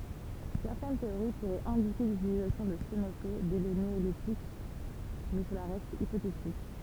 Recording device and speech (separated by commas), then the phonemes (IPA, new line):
temple vibration pickup, read sentence
sɛʁtɛn teoʁi puʁɛt ɛ̃dike lytilizasjɔ̃ də stenope dɛ lə neolitik mɛ səla ʁɛst ipotetik